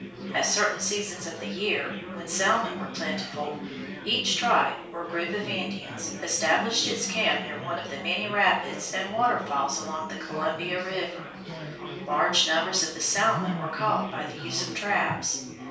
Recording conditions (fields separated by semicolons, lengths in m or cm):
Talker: one person; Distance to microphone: 3.0 m; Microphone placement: far; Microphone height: 1.8 m; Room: small (3.7 m by 2.7 m); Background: babble